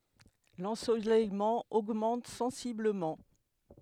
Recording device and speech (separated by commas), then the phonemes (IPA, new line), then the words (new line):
headset microphone, read sentence
lɑ̃solɛjmɑ̃ oɡmɑ̃t sɑ̃sibləmɑ̃
L'ensoleillement augmente sensiblement.